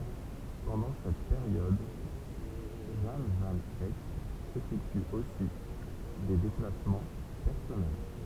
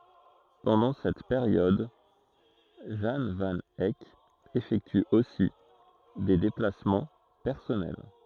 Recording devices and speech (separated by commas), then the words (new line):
temple vibration pickup, throat microphone, read sentence
Pendant cette période, Jan van Eyck effectue aussi des déplacements personnels.